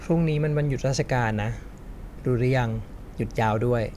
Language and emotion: Thai, neutral